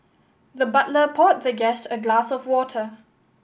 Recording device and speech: boundary microphone (BM630), read sentence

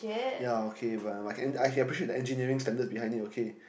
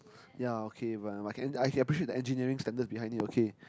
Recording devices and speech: boundary microphone, close-talking microphone, conversation in the same room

